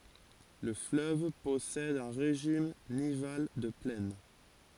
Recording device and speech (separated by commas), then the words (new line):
forehead accelerometer, read sentence
Le fleuve possède un régime nival de plaine.